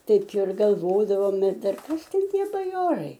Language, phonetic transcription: Lithuanian, ˈtaip ir galˈvodavom ir ˈdar ˈkas ˈten ˈtie baˈjorai

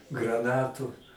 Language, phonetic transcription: Lithuanian, graˈnatų

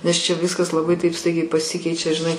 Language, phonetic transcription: Lithuanian, nes čia ˈviskas laˈbai taip ˈstaigiai paˈsikeičia žiˈnai

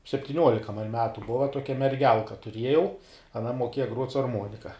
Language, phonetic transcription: Lithuanian, septiˈniuolika man ˈmetu ˈbova ˈtuokia merˈgelka tuˈriejau aˈna moˈkėja gruot' su arˈmonika

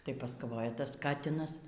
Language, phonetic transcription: Lithuanian, tai paskaˈvojaˈ tas ˈkatinas

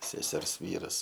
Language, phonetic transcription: Lithuanian, seˈsers ˈvyras

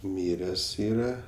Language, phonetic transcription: Lithuanian, ˈmires ˈyra

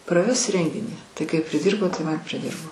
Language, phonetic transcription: Lithuanian, praˈves ˈrenginį ˈtai kai priˈdyrbo ˈtai ˈman priˈdirbo

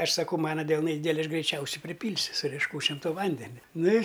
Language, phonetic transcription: Lithuanian, ˈaš saˈkau ˈmana delˈnai ˈdydeli ˈaš greiˈčiausiai priˈpylsiu su riešˈkūčiom to ˈvandenia ˈnu i

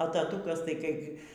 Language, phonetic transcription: Lithuanian, a taˈtūkas tai ˈkaipgi

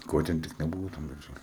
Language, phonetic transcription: Lithuanian, ˈko ten tik neˈbuvo tam darˈžæli

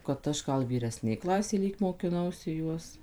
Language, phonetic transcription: Lithuanian, kad ˈaš ˈgal vyreˈsnėj ˈklasėje ˈlyg mokiˈnausi ˈjuos

